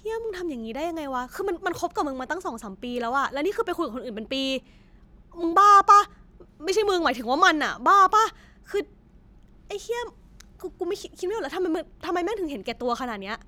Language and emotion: Thai, angry